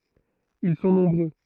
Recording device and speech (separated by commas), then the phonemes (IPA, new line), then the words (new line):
throat microphone, read sentence
il sɔ̃ nɔ̃bʁø
Ils sont nombreux.